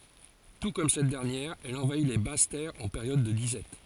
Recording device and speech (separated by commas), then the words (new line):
forehead accelerometer, read sentence
Tout comme cette dernière, elle envahit les basses terres en période de disette.